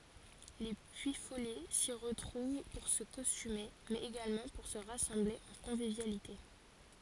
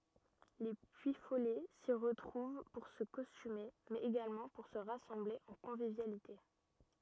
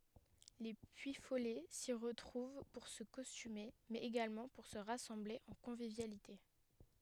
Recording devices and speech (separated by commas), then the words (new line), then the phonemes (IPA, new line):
forehead accelerometer, rigid in-ear microphone, headset microphone, read sentence
Les Puyfolais s'y retrouvent pour se costumer mais également pour se rassembler en convivialité.
le pyifolɛ si ʁətʁuv puʁ sə kɔstyme mɛz eɡalmɑ̃ puʁ sə ʁasɑ̃ble ɑ̃ kɔ̃vivjalite